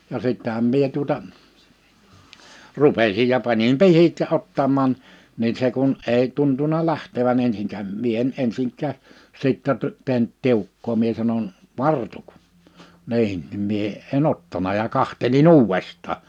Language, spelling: Finnish, ja sittenhän minä tuota rupesin ja panin pihdit ja ottamaan niin se kun ei tuntunut lähtevän ensinkään minä en ensinkään sitten - tehnyt tiukkaa minä sanon vartu niin niin minä en ottanut ja katselin uudestaan
- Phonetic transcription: ja 'sittähäm 'mie tuota , 'rupesij ja 'panim "pihit ja 'ottam̆màn , ni 'se kun , 'ei tuntuna 'lähtevä'n ‿ensiŋkäm 'mie en 'ensiŋk̆kää , 'sittä t- , 'tehnt 'tiukkoo mie sanon : » "vartuk . « 'ni̬in , nim 'mie , e"n ‿ottana ja 'kahteli"n ‿uuvest̆taa .

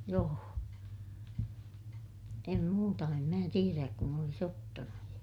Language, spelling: Finnish, joo en muuta en minä tiedä kun olisi ottanut
- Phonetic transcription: joo , em muuta - em mää tieräk kun ‿olis ‿ottanu .

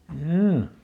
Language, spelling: Finnish, joo
- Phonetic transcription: hjoo .

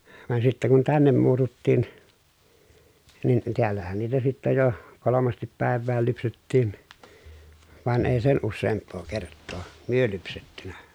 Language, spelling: Finnish, vaan sitten kun tänne muututtiin niin täällähän niitä sitten jo kolmasti päivään lypsettiin vaan ei sen useampaa kertaa me lypsetty
- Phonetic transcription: van sittä kun tännem muututtiin , nin , tiällähän niitä sittä jo , kolomastip pä̀ev̆vääl lypsettiin , van èi sen usseemppoo kerttoo , myö lypsettynä .

